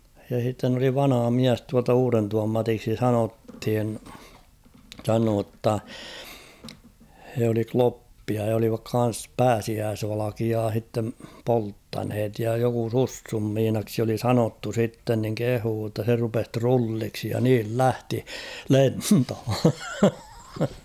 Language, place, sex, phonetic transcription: Finnish, Kauhava, male, ja h̬itten ‿oli 'vanᵃha "miäs tualta 'Uurentuvam 'Matiksi "sanothin , 'sanoo ‿tta , he oli "kloppia ja olivak 'kan̬s "pääsiääsvalakiaa h̬ittem 'polttanhet ja joku 'Sussum 'Miinaksi oli "sanottu 'sitten niŋ 'kehuu ‿tta se rupes "trulliksi ja niil "lähti , "lentho !
- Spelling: ja sitten oli vanha mies tuolta Uudentuvan Matiksi sanottiin sanoi jotta he oli kloppeja ja olivat kanssa pääsiäisvalkeaa sitten polttaneet ja joku Sussun Miinaksi oli sanottu sitten niin kehui jotta se rupesi trulliksi ja niin lähti lentoon

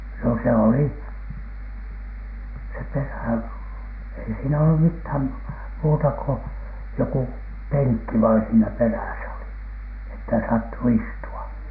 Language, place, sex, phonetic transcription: Finnish, Alatornio, male, no se oli , se "perä̀ , ei siinä ollum "mithäm , muuta ko , joku , "peŋkki vain siinä 'perä̀sä oli , että saatto "istu₍a .
- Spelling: no se oli se perä ei siinä ollut mitään muuta kuin joku penkki vain siinä perässä oli että saattoi istua

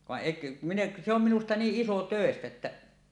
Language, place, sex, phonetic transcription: Finnish, Suomussalmi, male, vaˀ 'ˀèik̳ , min ‿eˀ , se ‿om 'minusta 'niiˀ ˀisotö̀estä että ,.
- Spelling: vaan ei minä en se on minusta niin isotöistä että

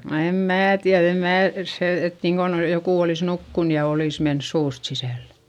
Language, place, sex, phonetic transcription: Finnish, Eurajoki, female, no em mää tiäδ ‿em mää , se et niiŋkon jokù olìs nukkun ja olìs mens suust sisä̀llE .
- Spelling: no en minä tiedä en minä se että niin kuin joku olisi nukkunut ja olisi mennyt suusta sisälle

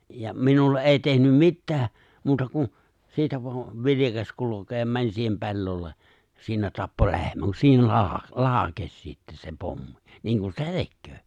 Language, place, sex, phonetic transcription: Finnish, Lapinlahti, male, ja 'minulle’ ’è̬i tehnym 'mittää , muuta kun̬ , 'siitä voan̬ , 'vilikas 'kulo̭keem 'mäń siihem 'pe̬llolle , 'siinä tappo 'le̬hmän kun siinä 'laa- , "laakes sittä se 'pommi , 'niiŋ ku se "tekköö .
- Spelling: ja minulle ei tehnyt mitään muuta kuin siitä vain vilkaisi kulkemaan meni siihen pellolle siinä tappoi lehmän kun siinä - laukesi sitten se pommi niin kuin se tekee

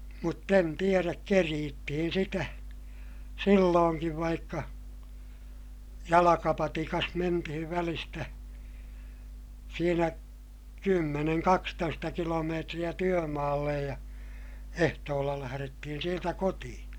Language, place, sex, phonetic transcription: Finnish, Ilmajoki, male, mutt ‿en tieräk keriittihin sitä , sillooŋkiv vaikka , jalakapatikas mentihiv välistä , siinä , kymmeneŋ kakstoista kilomeetriʲä työmaallej ja , ehtoolla lähärettihin̬ sieltä kotiʲA .
- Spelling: mutta en tiedä kerittiin sitä silloinkin vaikka jalkapatikassa mentiin välistä siinä kymmenen kaksitoista kilometriä työmaalle ja ehtoolla lähdettiin sieltä kotiin

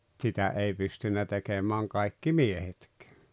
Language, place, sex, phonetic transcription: Finnish, Rautalampi, male, tsitä 'ei 'pystynnä tekemääŋ 'kai̬kki "miehetk̀ᴇᴀ̈ .
- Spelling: sitä ei pystynyt tekemään kaikki miehetkään

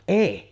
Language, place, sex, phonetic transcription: Finnish, Sotkamo, female, "èi .
- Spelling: ei

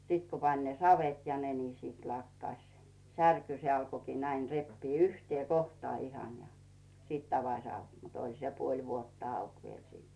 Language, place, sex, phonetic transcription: Finnish, Rautu, female, 'sit ku pań "savet ja 'ne ni 'sit 'lakkaś , "särky se alko näin 'reppii 'yhtⁱè 'kohtᵒà 'ihan ja , 'sìt avaś 'auk mut "oĺ se 'puoĺ vuotta auk viel siit .
- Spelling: sitten kun pani savet ja ne niin sitten lakkasi särky se alkoi näin repiä yhteen kohtaan ihan ja sitten avasi auki mutta oli se puoli vuotta auki vielä sitten

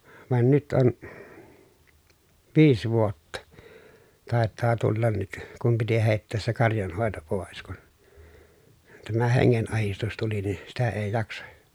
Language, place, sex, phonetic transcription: Finnish, Pielisjärvi, male, van nyt on , viis vuotta , tàet̆taa tullan nyt , kum piti hèi̮ttees se karjanhòeto pòes kun , tämä heŋŋen₍ahistus tuli ni , sitä ee jaksa .
- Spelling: vaan nyt on viisi vuotta taitaa tulla nyt kun piti heittää se karjanhoito pois kun tämä hengenahdistus tuli niin sitä ei jaksa

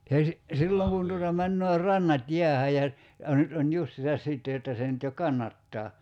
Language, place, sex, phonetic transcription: Finnish, Kerimäki, male, (esi-) , 'silloŋ kun tuota 'männöö 'rannat "jiähä ja , ja 'nyt on "justisas 'sìtte jotta se nyt jo "kannattaa .
- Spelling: - silloin kun tuota menee rannat jäähän ja ja nyt on justiinsa sitten jotta se nyt jo kannattaa

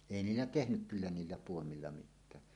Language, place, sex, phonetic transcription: Finnish, Suomussalmi, male, èi "niillä "tehnyk kyllä niillä puomilla 'mit̆tää .
- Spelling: ei niillä tehnyt kyllä niillä puomilla mitään

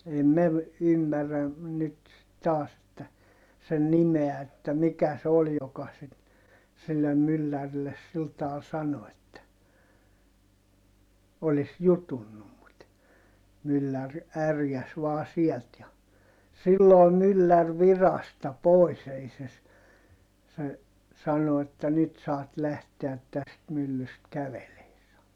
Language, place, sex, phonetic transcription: Finnish, Heinola, male, ei mev- , ymmärrä , nyt , taas että , sen nimeä että mikä se ol joka sit , sillem myllärilles sil taal sano että , olis jutunnum mut , myllär ärjäs vaa siɛlt ja , silloo myllär virasta pòis ‿ei se ‿s- , se , sano että » nyt saat lähteät täst myllyst kävelee » sano .
- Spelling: ei - ymmärrä nyt taas että sen nimeä että mikä se oli joka sitten sille myllärille sillä tavalla sanoi että olisi jutunnut mutta mylläri ärjäisi vain sieltä ja silloin mylläri virasta pois ei se - se sanoi että nyt saat lähteä tästä myllystä kävelemään sanoi

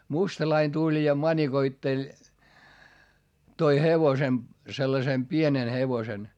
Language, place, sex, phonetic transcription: Finnish, Hietamäki, male, mustalain tuĺ ja mańikoitteĺ , toi hevosem , sellasem pienen hevosen .
- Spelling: mustalainen tuli ja manikoitteli toi hevosen sellaisen pienen hevosen

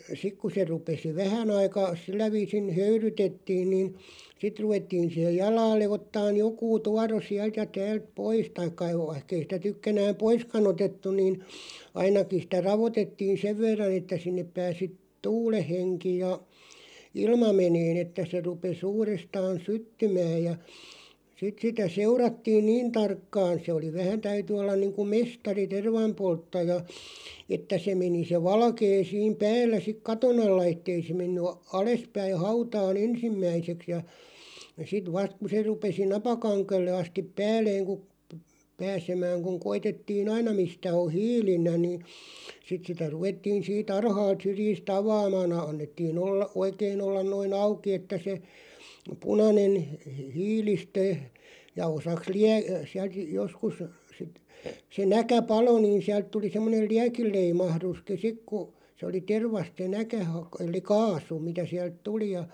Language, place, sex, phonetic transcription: Finnish, Loppi, male, 'sik ku se rupesi "vähän ‿aikà , 'sillä viisin "höyrytettiin nìn , 'sit ruvettiin̬ siheʲ "jalaalle 'ottaaʲ 'jokuu "tuaro 'siält ja 'täält "pois taikka (ei) 'vaihkei sⁱtä 'tykkänääm "poiska'n ‿otettuⁿ niin , 'ainakin̬ sⁱtä 'ravotettiin̬ "sev verran ‿että 'sinnep 'pääsi , "tuuleʰ 'heŋki ja , "ilma 'meneen ‿että se 'rupes 'uurestaan "syttymääʲ ja , sit sitä 'seurattiin "niin tarkkaan̬ se oli 'vähän 'täyty ollan niiŋku "mestari "tervam'polttaja , 'että se meni se 'valkee 'siim "päällä sik "katon ‿alla 'ettei se menny a- 'alespäiʰ 'hautaa"n ‿ensimmäiseks ja , 'sit "vast ku se 'rupesi "napakaŋkelle astiᵖ 'pääl̆leeŋ ku , p- 'pääsemääŋ kuŋ 'koitettii"n ‿aina 'mistä o "hiilillä ni , 'sit sitä 'ruvettiin̬ sii"t ‿ar̳§haalt 'syrjis"t ‿avaamaan ‿ᵃ- annettii'n ‿ollaˀ "ˀoikeen ‿ollan noi"n ‿auki että se , 'punanen hə- , "hiilistö , ja 'osaks "liä- , siält 'joskus , sit , se "näkä "palo niin 'siält tuli 'semmoneˡ "liäkil̆'leimahðuski 'sik ku , se oli "tervast se 'näkä hak- el̆li "kaasu , mitä siält 'tuli ja ,.
- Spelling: sitten kun se rupesi vähän aika sillä viisin höyrytettiin niin sitten ruvettiin siihen jalalle ottamaan joku tuoro sieltä ja täältä pois tai ei vaikka ei sitä tykkänään poiskaan otettu niin ainakin sitä raotettiin sen verran että sinne pääsi tuulen henki ja ilma menemään että se rupesi uudestaan syttymään ja sitten sitä seurattiin niin tarkkaan se oli vähän täytyi olla niin kuin mestari tervanpolttaja että se meni se valkea siinä päällä sitten katon alla että ei se mennyt - alaspäin hautaan ensimmäiseksi ja sitten vasta kun se rupesi napakangelle asti päälleen kun - pääsemään kun koetettiin aina mistä on hiilillä niin sitten sitä ruvettiin siitä alhaalta syrjistä avaamaan - annettiin olla oikein olla noin auki että se punainen - hiilistö ja osaksi - sieltä joskus sitten se näkä paloi niin sieltä tuli semmoinen liekinleimahduskin sitten kun se oli tervasta se näkä - eli kaasu mitä sieltä tuli ja

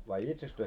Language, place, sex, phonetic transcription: Finnish, Moloskovitsa, male, vai 'itseks työ ,.
- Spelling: vai itsekseen te

